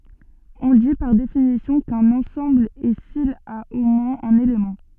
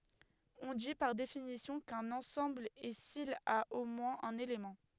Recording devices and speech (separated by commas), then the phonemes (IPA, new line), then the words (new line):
soft in-ear microphone, headset microphone, read sentence
ɔ̃ di paʁ definisjɔ̃ kœ̃n ɑ̃sɑ̃bl ɛ sil a o mwɛ̃z œ̃n elemɑ̃
On dit, par définition, qu'un ensemble est s'il a au moins un élément.